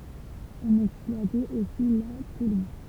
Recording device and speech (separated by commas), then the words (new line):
temple vibration pickup, read sentence
On exploitait aussi la tourbe.